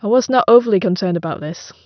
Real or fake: real